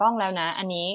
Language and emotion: Thai, neutral